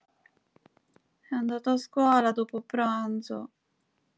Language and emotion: Italian, sad